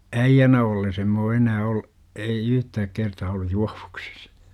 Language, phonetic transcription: Finnish, äijjänä olles em m ‿oo 'enää ol- , ei 'yhtääk kertaa ollu "juAVUksIs .
- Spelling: äijänä ollessa en minä ole enää - ei yhtään kertaa ollut juovuksissa

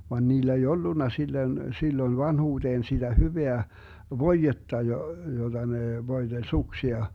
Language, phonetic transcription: Finnish, van 'niilä ei "ollunna 'sillön , 'silloⁱn 'vanhuuDeen siDä 'hyveä , "voijetta jo- , 'joDa nè 'voiDeĺ 'suksia .
- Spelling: vaan niillä ei ollut silloin silloin vanhuuteen sitä hyvää voidetta - jota ne voiteli suksia

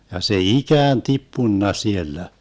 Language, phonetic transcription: Finnish, ja se "ikään 'tippunna 'siellä .
- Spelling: ja se ikään tippunut siellä

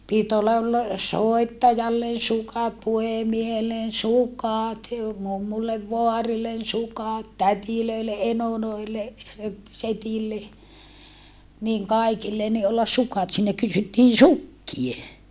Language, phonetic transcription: Finnish, pit ‿olla ‿t- , soettajallen̬ sukat puhemiehellen sukàt jo mummullev voarillen sukat tätilöile ʼenoloile , (et-) setille , niŋ kaikille ni ollas sukat siinä kysyttiin̬ sukkie !
- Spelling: piti olla - soittajalle sukat puhemiehelle sukat ja mummulle vaarille sukat tädeille enoille että sedille niin kaikille niin olla sukat siinä kysyttiin sukkia

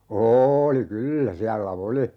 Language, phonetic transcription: Finnish, 'oooli "kyllä 'siällä "oli ,.
- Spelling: oli kyllä siellä oli

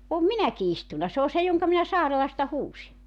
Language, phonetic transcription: Finnish, om "minäki 'istuna se ‿o 'se joŋka minä 'Saarelasta 'huusi .
- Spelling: olen minäkin istunut se on se jonka minä Saarelasta huusin

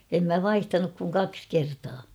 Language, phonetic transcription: Finnish, em mä ''vaihtanuk kuŋ ''kaks 'kertaa .
- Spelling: en minä vaihtanut kuin kaksi kertaa

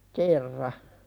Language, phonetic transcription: Finnish, kerra .
- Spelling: kerran

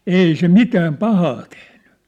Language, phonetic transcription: Finnish, ei 'se "mitääm "pahaa tehɴʏ .
- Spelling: ei se mitään pahaa tehnyt

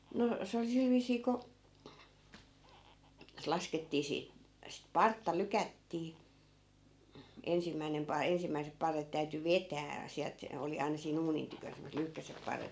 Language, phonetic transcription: Finnish, no , 'se oli 'sil viisii ko , se 'laskettii sii- , sit "partta 'lykättii , 'ensimmäinem 'pai- , 'ensimmäisep 'parret täyty "vetää , 'siält , 'oli aina sii'n ‿uunin tykön semmoset 'lyhkäsep 'parret .
- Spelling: no se oli sillä viisiin kun se laskettiin - sitä partta lykättiin ensimmäinen - ensimmäiset parret täytyi vetää sieltä oli aina siinä uunin tykönä semmoiset lyhkäiset parret

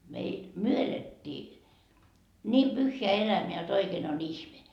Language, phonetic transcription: Finnish, meil , "myö elettii , niim 'pyhheä 'elämeä jot 'oikeen ‿o"n ‿ihme .
- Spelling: meillä me elettiin niin pyhää elämää jotta oikein on ihme

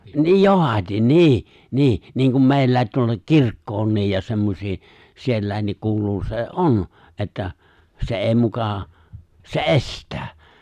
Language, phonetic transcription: Finnish, 'niij "johat́in , "niih , 'niih , niin̬kum 'meillä̀i̬t tuolla ''kirkkoonniij ja 'semmosii , siellä̀i̬nniik 'kuuluu se "’on , '’että , se '’èi mukà , se "’e̬st̀ää .
- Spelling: niin johdatin niin niin niin kuin meillä tuolla kirkkoonkin ja semmoisiin sielläkin kuuluu se on että se ei muka se estää

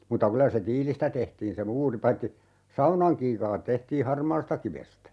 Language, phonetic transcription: Finnish, mutta 'kylä se "tiilistä 'tehtiin se 'muuri 'paitti , "saunaŋ 'kiikaat 'tehtii "harmaastakivestä .
- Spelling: mutta kyllä se tiilistä tehtiin se muuri paitsi saunan kiukaat tehtiin harmaastakivestä

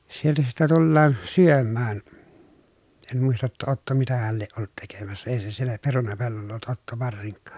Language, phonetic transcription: Finnish, sieltä sitte tullaan , syömmään , en muista ‿tta Otto mitähäl lieʼ ʼollut tekemässä ei se siellä perunapellolla ollut Otto varsiŋkkAA .
- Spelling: sieltä sitten tullaan syömään en muista jotta Otto mitähän lie ollut tekemässä ei se siellä perunapellolla ollut Otto varsinkaan

